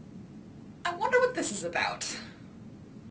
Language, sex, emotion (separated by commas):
English, female, disgusted